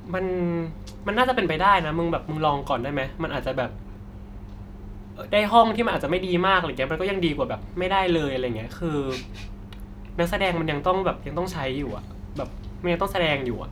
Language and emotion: Thai, frustrated